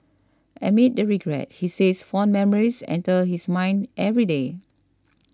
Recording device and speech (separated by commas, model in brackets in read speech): standing microphone (AKG C214), read sentence